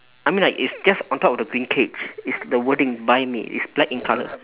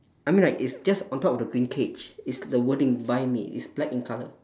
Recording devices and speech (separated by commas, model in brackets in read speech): telephone, standing microphone, conversation in separate rooms